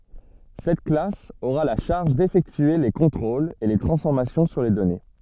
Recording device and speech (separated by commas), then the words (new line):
soft in-ear microphone, read sentence
Cette classe aura la charge d'effectuer les contrôles et les transformations sur les données.